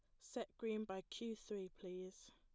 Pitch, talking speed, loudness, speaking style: 200 Hz, 170 wpm, -49 LUFS, plain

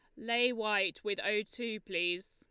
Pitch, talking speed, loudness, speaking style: 210 Hz, 170 wpm, -33 LUFS, Lombard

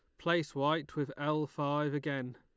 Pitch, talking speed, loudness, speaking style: 145 Hz, 165 wpm, -34 LUFS, Lombard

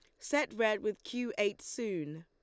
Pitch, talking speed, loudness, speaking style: 215 Hz, 175 wpm, -35 LUFS, Lombard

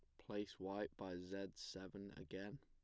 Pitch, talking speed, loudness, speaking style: 95 Hz, 150 wpm, -50 LUFS, plain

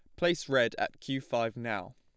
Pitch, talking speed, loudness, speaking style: 135 Hz, 205 wpm, -32 LUFS, plain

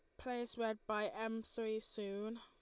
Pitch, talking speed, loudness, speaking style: 225 Hz, 165 wpm, -43 LUFS, Lombard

